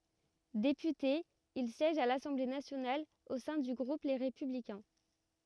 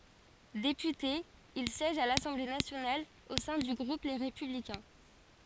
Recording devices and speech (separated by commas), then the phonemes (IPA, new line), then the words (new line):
rigid in-ear microphone, forehead accelerometer, read sentence
depyte il sjɛʒ a lasɑ̃ble nasjonal o sɛ̃ dy ɡʁup le ʁepyblikɛ̃
Député, il siège à l'Assemblée nationale au sein du groupe Les Républicains.